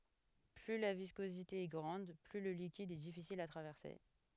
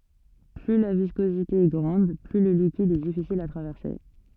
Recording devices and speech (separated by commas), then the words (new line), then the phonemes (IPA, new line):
headset microphone, soft in-ear microphone, read sentence
Plus la viscosité est grande, plus le liquide est difficile à traverser.
ply la viskozite ɛ ɡʁɑ̃d ply lə likid ɛ difisil a tʁavɛʁse